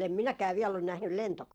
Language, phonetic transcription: Finnish, em 'minäkää viɛll ‿on nähnyl 'lentoko- .
- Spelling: en minäkään vielä ole nähnyt -

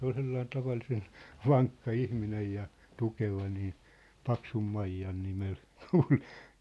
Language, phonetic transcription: Finnish, 'se ‿ol sellain , 'tavallisen , "vaŋkka 'ihminej ja , 'tukeva nii , "Paksum'maijjan 'nimel , "kul(ki) .
- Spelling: se oli sellainen tavallisen vankka ihminen ja tukeva niin Paksunmaijan nimellä kulki

